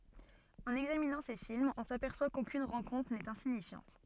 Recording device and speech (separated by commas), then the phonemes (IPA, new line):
soft in-ear microphone, read sentence
ɑ̃n ɛɡzaminɑ̃ se filmz ɔ̃ sapɛʁswa kokyn ʁɑ̃kɔ̃tʁ nɛt ɛ̃siɲifjɑ̃t